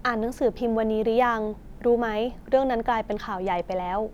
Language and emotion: Thai, neutral